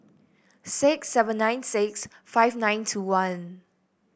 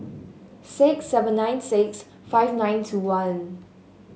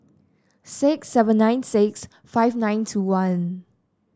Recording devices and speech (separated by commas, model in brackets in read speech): boundary microphone (BM630), mobile phone (Samsung S8), standing microphone (AKG C214), read sentence